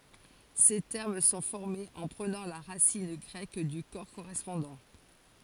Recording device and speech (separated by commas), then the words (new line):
forehead accelerometer, read sentence
Ces termes sont formés en prenant la racine grecque du corps correspondant.